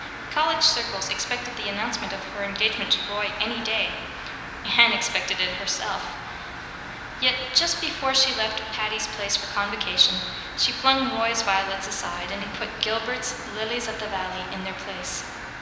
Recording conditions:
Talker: one person; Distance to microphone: 1.7 m; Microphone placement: close; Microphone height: 1.0 m; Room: very reverberant, large; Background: music

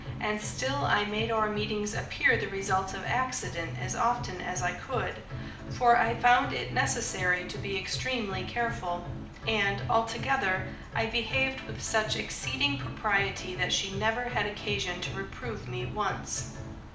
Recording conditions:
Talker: one person; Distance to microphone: 2.0 m; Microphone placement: close; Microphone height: 99 cm; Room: medium-sized (5.7 m by 4.0 m); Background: music

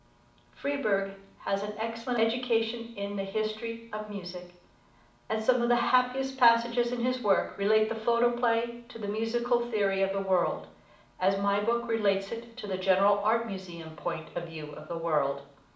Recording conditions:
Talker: one person; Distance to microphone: 2.0 m; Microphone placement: close; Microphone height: 99 cm; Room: medium-sized (5.7 m by 4.0 m); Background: none

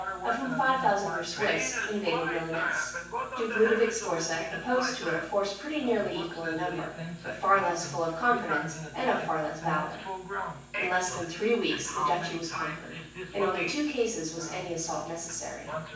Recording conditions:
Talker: one person; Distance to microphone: 9.8 m; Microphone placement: far; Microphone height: 1.8 m; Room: large; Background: television

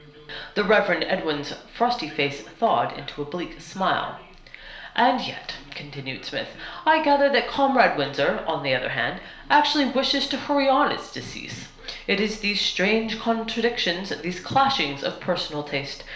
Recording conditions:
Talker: one person; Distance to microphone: 1.0 m; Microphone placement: close; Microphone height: 1.1 m; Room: small (3.7 m by 2.7 m); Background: television

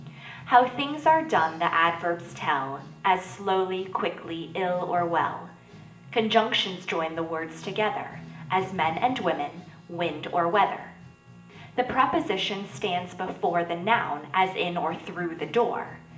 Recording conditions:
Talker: one person; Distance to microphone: 1.8 m; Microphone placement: close; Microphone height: 1.0 m; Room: large; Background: music

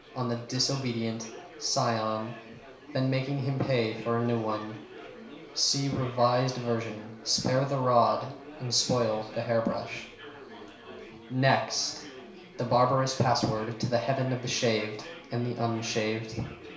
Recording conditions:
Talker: one person; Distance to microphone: 1.0 m; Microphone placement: close; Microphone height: 1.1 m; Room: small (3.7 m by 2.7 m); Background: babble

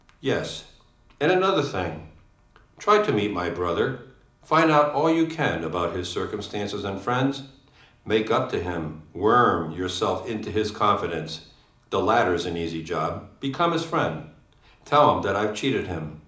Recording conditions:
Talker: one person; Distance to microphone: 2.0 m; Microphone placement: close; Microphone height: 99 cm; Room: medium-sized (5.7 m by 4.0 m); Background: none

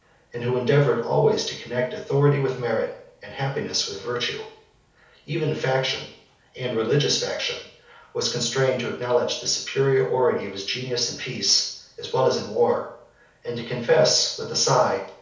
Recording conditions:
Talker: one person; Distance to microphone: 3.0 m; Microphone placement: far; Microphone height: 1.8 m; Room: small (3.7 m by 2.7 m); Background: none

